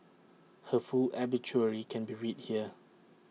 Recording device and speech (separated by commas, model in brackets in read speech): mobile phone (iPhone 6), read sentence